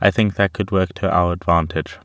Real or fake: real